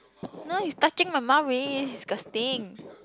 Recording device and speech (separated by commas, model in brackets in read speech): close-talking microphone, conversation in the same room